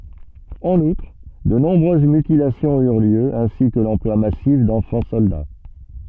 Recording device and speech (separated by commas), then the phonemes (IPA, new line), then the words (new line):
soft in-ear microphone, read sentence
ɑ̃n utʁ də nɔ̃bʁøz mytilasjɔ̃z yʁ ljø ɛ̃si kə lɑ̃plwa masif dɑ̃fɑ̃ sɔlda
En outre, de nombreuses mutilations eurent lieu, ainsi que l'emploi massif d'enfants soldats.